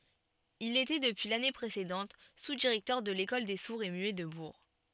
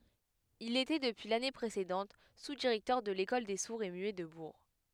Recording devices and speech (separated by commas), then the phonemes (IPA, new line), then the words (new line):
soft in-ear microphone, headset microphone, read sentence
il etɛ dəpyi lane pʁesedɑ̃t suzdiʁɛktœʁ də lekɔl de suʁz e myɛ də buʁ
Il était depuis l'année précédente sous-directeur de l'école des sourds et muets de Bourg.